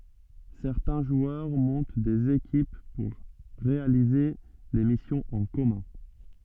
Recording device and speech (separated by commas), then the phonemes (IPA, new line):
soft in-ear microphone, read sentence
sɛʁtɛ̃ ʒwœʁ mɔ̃t dez ekip puʁ ʁealize de misjɔ̃z ɑ̃ kɔmœ̃